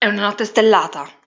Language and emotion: Italian, angry